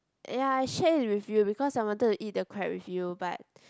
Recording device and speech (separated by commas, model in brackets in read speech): close-talking microphone, conversation in the same room